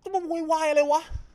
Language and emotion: Thai, angry